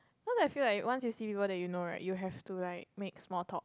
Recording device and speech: close-talking microphone, conversation in the same room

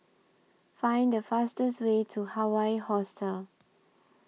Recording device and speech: mobile phone (iPhone 6), read sentence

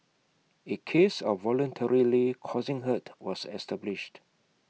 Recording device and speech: mobile phone (iPhone 6), read sentence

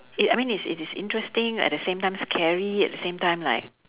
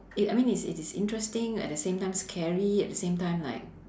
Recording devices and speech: telephone, standing microphone, conversation in separate rooms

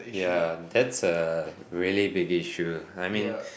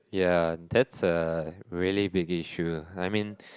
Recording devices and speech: boundary microphone, close-talking microphone, conversation in the same room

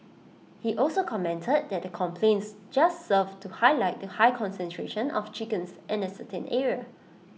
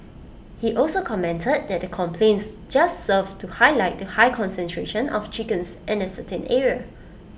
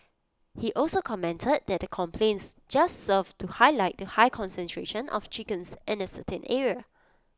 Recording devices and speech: mobile phone (iPhone 6), boundary microphone (BM630), close-talking microphone (WH20), read sentence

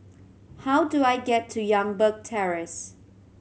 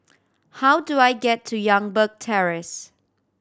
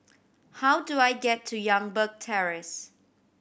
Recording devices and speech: mobile phone (Samsung C7100), standing microphone (AKG C214), boundary microphone (BM630), read sentence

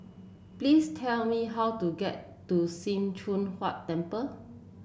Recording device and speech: boundary microphone (BM630), read sentence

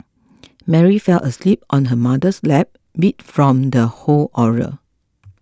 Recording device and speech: close-talking microphone (WH20), read sentence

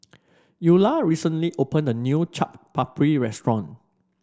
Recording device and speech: standing microphone (AKG C214), read sentence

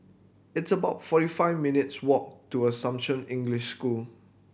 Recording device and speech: boundary microphone (BM630), read sentence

